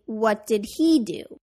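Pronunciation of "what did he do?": In 'what did he do', the h in 'he' is pronounced rather than dropped, and 'did' is not linked to 'he'. This is the way the phrase is not meant to be said.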